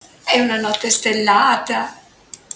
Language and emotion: Italian, happy